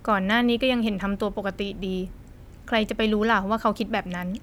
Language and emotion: Thai, neutral